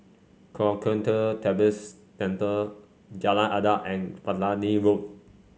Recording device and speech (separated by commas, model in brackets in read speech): mobile phone (Samsung C5), read sentence